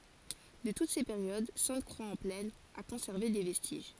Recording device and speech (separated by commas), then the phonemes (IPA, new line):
forehead accelerometer, read sentence
də tut se peʁjod sɛ̃tkʁwaksɑ̃plɛn a kɔ̃sɛʁve de vɛstiʒ